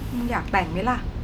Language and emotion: Thai, frustrated